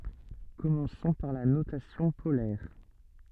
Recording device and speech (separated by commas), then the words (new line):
soft in-ear microphone, read sentence
Commençons par la notation polaire.